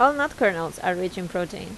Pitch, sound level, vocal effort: 185 Hz, 84 dB SPL, normal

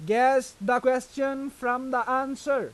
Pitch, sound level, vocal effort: 255 Hz, 95 dB SPL, loud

